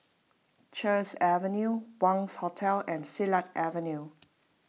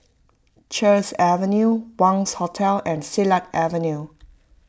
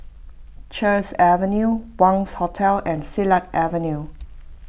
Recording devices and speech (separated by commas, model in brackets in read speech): mobile phone (iPhone 6), close-talking microphone (WH20), boundary microphone (BM630), read sentence